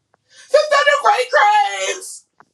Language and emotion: English, fearful